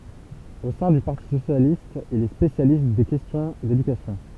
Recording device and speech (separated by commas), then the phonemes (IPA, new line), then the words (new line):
temple vibration pickup, read sentence
o sɛ̃ dy paʁti sosjalist il ɛ spesjalist de kɛstjɔ̃ dedykasjɔ̃
Au sein du Parti Socialiste, il est spécialiste des questions d’éducation.